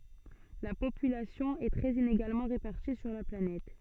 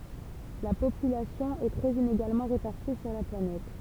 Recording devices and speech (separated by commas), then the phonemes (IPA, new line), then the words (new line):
soft in-ear microphone, temple vibration pickup, read sentence
la popylasjɔ̃ ɛ tʁɛz ineɡalmɑ̃ ʁepaʁti syʁ la planɛt
La population est très inégalement répartie sur la planète.